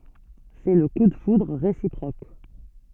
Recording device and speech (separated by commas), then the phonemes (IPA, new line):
soft in-ear microphone, read sentence
sɛ lə ku də fudʁ ʁesipʁok